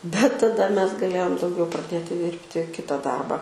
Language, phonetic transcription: Lithuanian, bet taˈda ˈmes gaˈlėjom dauˈgiau praˈdėti ˈdirbti ˈkita ˈdarba

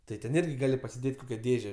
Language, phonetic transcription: Lithuanian, tai ten ˈirgi ˈgali pasiˈdėt' ˈkokia ˈdėže

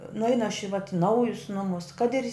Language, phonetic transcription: Lithuanian, nuˈeinu aš i vat ˈnaujus ˈnumus kad ir

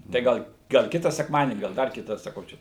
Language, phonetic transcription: Lithuanian, tai ˈgal gal ˈkita sekˈmadienį gal ˈdar ˈkita saˈkau ˈčia

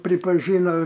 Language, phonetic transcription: Lithuanian, pripaˈžyna

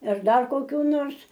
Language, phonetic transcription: Lithuanian, ir ˈdar koˈkių ˈnors

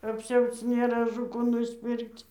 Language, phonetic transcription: Lithuanian, apˈsiauc nėˈra ažu ˈkų nusˈpirkc

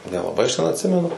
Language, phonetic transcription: Lithuanian, nelaˈbai aš ten atˈsimenu

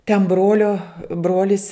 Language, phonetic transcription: Lithuanian, ten ˈbrolio ˈbrolis

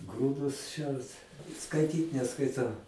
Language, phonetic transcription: Lithuanian, ˈgrūdus ˈšert skaiˈtyt neskaiˈtau

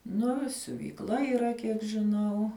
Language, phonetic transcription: Lithuanian, ˈnu i siuvykˈla yˈra ˈkiek žiˈnau

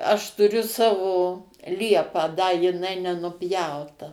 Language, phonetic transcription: Lithuanian, aš tuˈriu ˈsavo ˈliepą da jiˈnai nenuˈpjauta

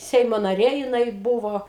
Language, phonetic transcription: Lithuanian, ˈseimo naˈrė jiˈnai ˈbuvo

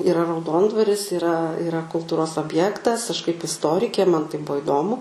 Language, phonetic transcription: Lithuanian, yˈra rauˈdondvaris yˈra iˈra kulˈtūros obˈjektas aš kaip isˈtorikė man tai ˈbuo iˈdomu

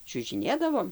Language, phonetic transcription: Lithuanian, čiužiˈnėdavom

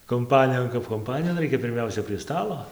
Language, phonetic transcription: Lithuanian, kumˈpanijon kap kumˈpanijon ˈraikia pirˈmiausia prie ˈstalo

